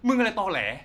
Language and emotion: Thai, angry